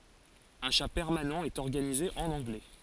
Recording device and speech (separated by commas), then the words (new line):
forehead accelerometer, read sentence
Un chat permanent est organisé en anglais.